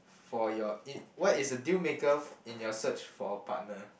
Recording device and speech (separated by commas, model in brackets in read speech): boundary microphone, conversation in the same room